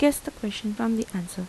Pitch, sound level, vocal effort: 220 Hz, 81 dB SPL, soft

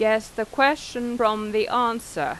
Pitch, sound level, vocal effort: 230 Hz, 90 dB SPL, normal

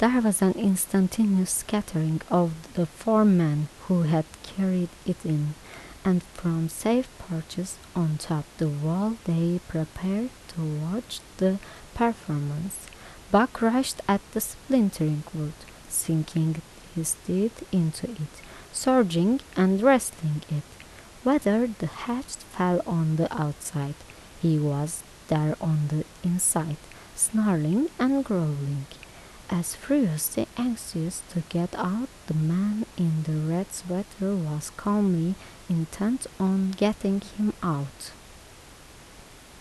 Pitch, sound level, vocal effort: 180 Hz, 77 dB SPL, soft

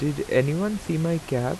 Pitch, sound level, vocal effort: 160 Hz, 83 dB SPL, normal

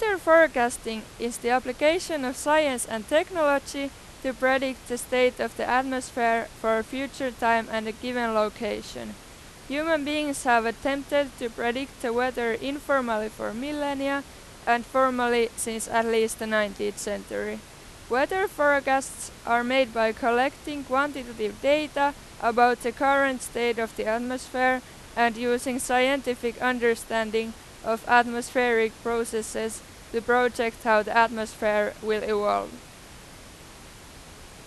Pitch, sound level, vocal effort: 240 Hz, 94 dB SPL, very loud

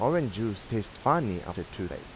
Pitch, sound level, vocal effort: 100 Hz, 87 dB SPL, normal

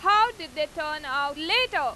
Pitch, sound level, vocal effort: 315 Hz, 100 dB SPL, very loud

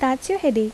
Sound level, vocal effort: 78 dB SPL, soft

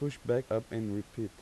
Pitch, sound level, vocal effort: 115 Hz, 85 dB SPL, soft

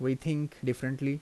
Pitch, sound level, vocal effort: 135 Hz, 81 dB SPL, normal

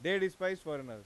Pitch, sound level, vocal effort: 185 Hz, 98 dB SPL, loud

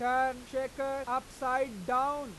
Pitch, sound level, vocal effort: 260 Hz, 101 dB SPL, loud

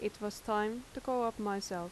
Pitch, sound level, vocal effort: 210 Hz, 83 dB SPL, normal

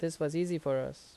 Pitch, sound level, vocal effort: 160 Hz, 83 dB SPL, normal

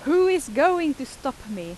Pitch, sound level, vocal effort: 280 Hz, 93 dB SPL, loud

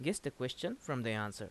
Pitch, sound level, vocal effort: 125 Hz, 83 dB SPL, normal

